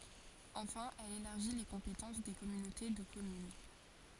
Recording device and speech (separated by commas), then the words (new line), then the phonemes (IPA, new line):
forehead accelerometer, read sentence
Enfin, elle élargit les compétences des communautés de communes.
ɑ̃fɛ̃ ɛl elaʁʒi le kɔ̃petɑ̃s de kɔmynote də kɔmyn